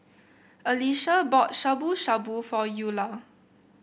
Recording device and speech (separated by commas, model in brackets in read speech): boundary microphone (BM630), read sentence